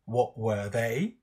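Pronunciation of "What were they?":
'What were they?' is said with falling intonation.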